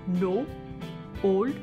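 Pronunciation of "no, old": In 'no' and 'old', the O is said in an Indian accent, as more of a pure single vowel sound rather than a combination vowel sound.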